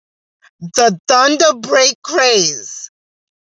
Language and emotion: English, sad